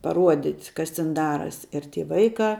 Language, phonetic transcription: Lithuanian, paˈruodit' ˈkas tin ˈdaras' ir ˈty ˈvaikā

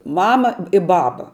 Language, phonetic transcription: Lithuanian, ˈmama i ˈbaba

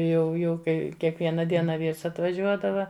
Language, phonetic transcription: Lithuanian, jau ˈjau ˈkai kiekˈviena ˈdiena ˈvyrs atvaˈžiuodava

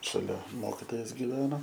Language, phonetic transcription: Lithuanian, šaˈlia ˈmokitojas giˈveno

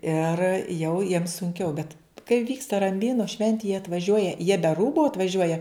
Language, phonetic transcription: Lithuanian, ir jau jiem sunˈkiau bet kai ˈvyksta ramˈbynu ˈšventi jie atvaˈžiuoja jie be ˈrūbu atvaˈžiuoja

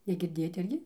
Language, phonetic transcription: Lithuanian, negirˈdėjot ˈirgi

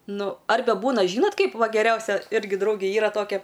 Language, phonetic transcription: Lithuanian, ˈnu ˈarbe ˈbūna ˈžynot ˈkaip ˈva geˈriausia ˈirgi ˈdraugė ˈyra ˈtokia

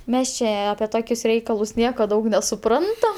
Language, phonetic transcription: Lithuanian, ˈmes čia ˈapie ˈtokius ˈreikalus ˈnieko ˈdaug nesuˈprantam

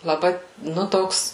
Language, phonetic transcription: Lithuanian, laˈbai ˈnu ˈtoks

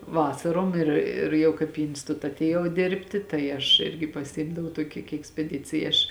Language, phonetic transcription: Lithuanian, ˈvasarom ˈir ir ˈjau kaip į insˈtuta atėˈjau ˈdėrbti ˈtai aš ˈirgi paˈsimdavau ˈtuoki kai ekspeˈdicija ˈaš

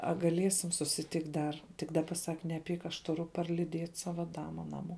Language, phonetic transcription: Lithuanian, a gaˈliesim susiˈtikt' ˈdar tik ˈdaba ˈsak neˈpyk aš tuˈru parliˈdiet' ˈsava ˈdama ˈnaˌmuo

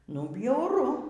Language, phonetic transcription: Lithuanian, nu bjauˈru

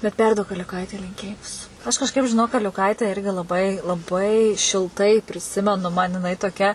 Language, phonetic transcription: Lithuanian, bet ˈperduok aliuˈkaitei linˈkėjimus ˈaš kažˈkaip žiˈnok aliuˈkaite ˈirgi laˈbai laˈbai šilˈtai priˈsimenu man jiˈnai toˈkia

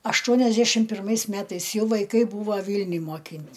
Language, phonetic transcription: Lithuanian, ašˈtuoniašdešim pirˈmais ˈmetais ˈjau vaiˈkai ˈbūva ˈvylniuj moˈkyn't'

